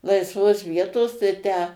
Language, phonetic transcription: Lithuanian, laisˈvos ˈvietos tai ˈtę

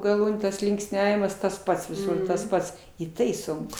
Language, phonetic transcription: Lithuanian, gaˈlūnių tas linksˈniavimas tas ˈpats viˈsur tas ˈpats i ˈtai ˈsunku

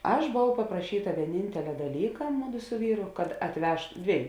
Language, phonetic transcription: Lithuanian, ˈaš boˈvau papraˈšyta vieˈnintelia daˈlyka ˈmuˌdu su ˈvyru kad atˈveš ˈdvieju

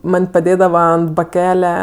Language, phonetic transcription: Lithuanian, ˈman' paˈdėdava ant baˈkele

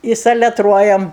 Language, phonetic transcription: Lithuanian, i saleˈtruojam

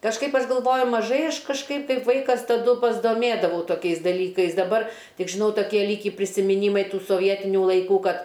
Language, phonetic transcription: Lithuanian, kažˈkaip ˈaš galˈvoju maˈžai ˈaš kažˈkaip kaip ˈvaikas taˈdu pasdoˈmėdavau toˈkiais daˈlykais daˈbar ˈtik žiˈnau toˈkie ˈlykį prisimiˈnymai ˈtų soˈvietiniu laiˈkų ˈkad

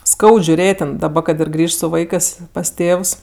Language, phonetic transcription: Lithuanian, ˈskaud žiuˈrėt' ten kad ir ˈgrįžt su ˈvaikɜs pas ˈtėvs

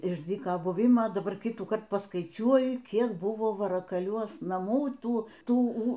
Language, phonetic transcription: Lithuanian, iš ˈdyka ˈbuvima daˈbar ˈkitųkart pasˈkaičiuoji ˈkiek ˈbuvo varakaˈliuos naˈmų ˈtų ˈtų ū

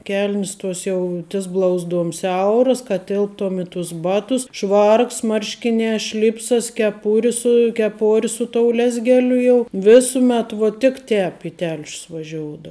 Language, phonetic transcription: Lithuanian, ˈkel'nis ˈtuos jau tis ˈblauzˌduom ˈsiauras kad ˈtilptom i tus ˈbatus ˈšvarks ˈmarškinē ˈšlipsas keˈpuri su keˈpori su tou ˈlezgeliu jau ˈvisumet ˈvo tik ˈtēp i ˈtelšius vaˈžioudou

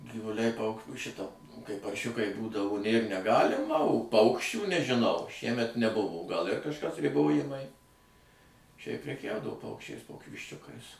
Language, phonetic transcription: Lithuanian, givuˈliai pauk ˈšita kai parˈšiukai ˈbūdavo nėr neˈgalima o ˈpaukščių nežiˈnau ˈšiemet neˈbuvo gal ir kažˈkas riˈbojimai šiaip preˈkiaudavo ˈpaukščiais ˈkoki višˈčiukais

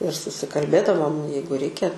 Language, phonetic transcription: Lithuanian, ir susikalˈbėdavom ˈjeigu ˈreikia

